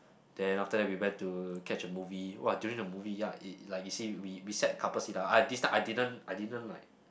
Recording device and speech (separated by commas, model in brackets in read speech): boundary microphone, conversation in the same room